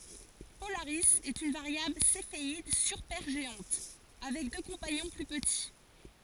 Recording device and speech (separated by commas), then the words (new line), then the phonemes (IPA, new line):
forehead accelerometer, read sentence
Polaris est une variable céphéide supergéante, avec deux compagnons plus petits.
polaʁi ɛt yn vaʁjabl sefeid sypɛʁʒeɑ̃t avɛk dø kɔ̃paɲɔ̃ ply pəti